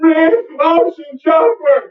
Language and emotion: English, fearful